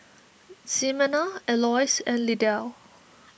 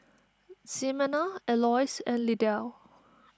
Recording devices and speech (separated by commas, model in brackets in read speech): boundary microphone (BM630), standing microphone (AKG C214), read sentence